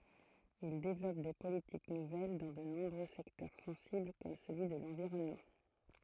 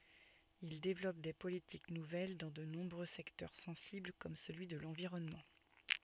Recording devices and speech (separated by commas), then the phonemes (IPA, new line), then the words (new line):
throat microphone, soft in-ear microphone, read sentence
il devlɔp de politik nuvɛl dɑ̃ də nɔ̃bʁø sɛktœʁ sɑ̃sibl kɔm səlyi də lɑ̃viʁɔnmɑ̃
Il développe des politiques nouvelles dans de nombreux secteurs sensibles comme celui de l'environnement.